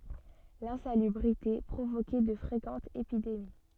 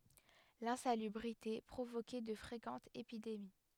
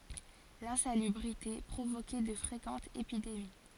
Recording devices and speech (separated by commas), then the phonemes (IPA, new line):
soft in-ear microphone, headset microphone, forehead accelerometer, read sentence
lɛ̃salybʁite pʁovokɛ də fʁekɑ̃tz epidemi